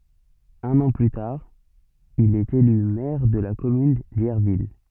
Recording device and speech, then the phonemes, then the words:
soft in-ear microphone, read sentence
œ̃n ɑ̃ ply taʁ il ɛt ely mɛʁ də la kɔmyn djɛʁvil
Un an plus tard, il est élu maire de la commune d'Yerville.

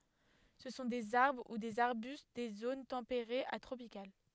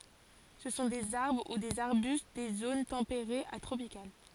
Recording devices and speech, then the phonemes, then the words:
headset microphone, forehead accelerometer, read sentence
sə sɔ̃ dez aʁbʁ u dez aʁbyst de zon tɑ̃peʁez a tʁopikal
Ce sont des arbres ou des arbustes des zones tempérées à tropicales.

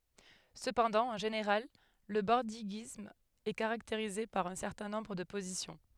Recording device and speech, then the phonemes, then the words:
headset microphone, read sentence
səpɑ̃dɑ̃ ɑ̃ ʒeneʁal lə bɔʁdiɡism ɛ kaʁakteʁize paʁ œ̃ sɛʁtɛ̃ nɔ̃bʁ də pozisjɔ̃
Cependant, en général, le bordiguisme est caractérisé par un certain nombre de positions.

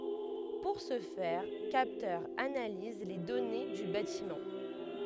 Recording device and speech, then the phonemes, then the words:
headset microphone, read sentence
puʁ sə fɛʁ kaptœʁz analiz le dɔne dy batimɑ̃
Pour ce faire, capteurs analysent les données du bâtiment.

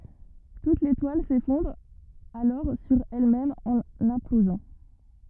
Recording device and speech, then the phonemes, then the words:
rigid in-ear microphone, read sentence
tut letwal sefɔ̃dʁ alɔʁ syʁ ɛlmɛm ɑ̃n ɛ̃plozɑ̃
Toute l'étoile s'effondre alors sur elle-même en implosant.

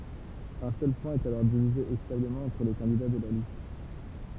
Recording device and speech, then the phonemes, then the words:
temple vibration pickup, read sentence
œ̃ sœl pwɛ̃ ɛt alɔʁ divize ekitabləmɑ̃ ɑ̃tʁ le kɑ̃dida də la list
Un seul point est alors divisé équitablement entre les candidats de la liste.

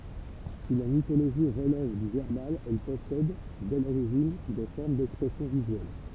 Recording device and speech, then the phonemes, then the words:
temple vibration pickup, read sentence
si la mitoloʒi ʁəlɛv dy vɛʁbal ɛl pɔsɛd dɛ loʁiʒin de fɔʁm dɛkspʁɛsjɔ̃ vizyɛl
Si la mythologie relève du verbal, elle possède, dès l'origine, des formes d'expression visuelle.

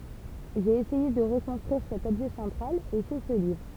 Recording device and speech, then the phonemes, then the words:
temple vibration pickup, read sentence
ʒe esɛje də ʁəkɔ̃stʁyiʁ sɛt ɔbʒɛ sɑ̃tʁal e sɛ sə livʁ
J'ai essayé de reconstruire cet objet central, et c'est ce livre.

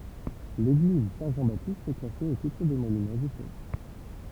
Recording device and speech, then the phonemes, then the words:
temple vibration pickup, read sentence
leɡliz sɛ̃ ʒɑ̃ batist ɛ klase o titʁ de monymɑ̃z istoʁik
L'église Saint-Jean-Baptiste est classée au titre des Monuments historiques.

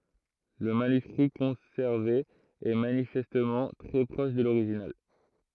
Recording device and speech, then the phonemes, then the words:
throat microphone, read sentence
lə manyskʁi kɔ̃sɛʁve ɛ manifɛstmɑ̃ tʁɛ pʁɔʃ də loʁiʒinal
Le manuscrit conservé est manifestement très proche de l’original.

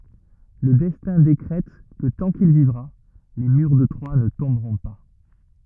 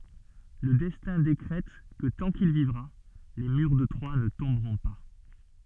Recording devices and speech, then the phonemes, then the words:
rigid in-ear microphone, soft in-ear microphone, read sentence
lə dɛstɛ̃ dekʁɛt kə tɑ̃ kil vivʁa le myʁ də tʁwa nə tɔ̃bʁɔ̃ pa
Le Destin décrète que tant qu'il vivra, les murs de Troie ne tomberont pas.

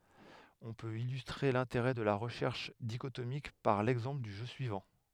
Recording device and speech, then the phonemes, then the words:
headset microphone, read sentence
ɔ̃ pøt ilystʁe lɛ̃teʁɛ də la ʁəʃɛʁʃ diʃotomik paʁ lɛɡzɑ̃pl dy ʒø syivɑ̃
On peut illustrer l'intérêt de la recherche dichotomique par l'exemple du jeu suivant.

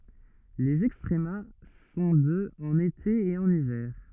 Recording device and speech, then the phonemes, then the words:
rigid in-ear microphone, read sentence
lez ɛkstʁəma sɔ̃ də ɑ̃n ete e ɑ̃n ivɛʁ
Les extrema sont de en été et en hiver.

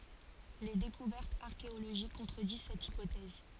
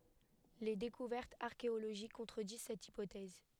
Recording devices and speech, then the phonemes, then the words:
forehead accelerometer, headset microphone, read sentence
le dekuvɛʁtz aʁkeoloʒik kɔ̃tʁədiz sɛt ipotɛz
Les découvertes archéologiques contredisent cette hypothèse.

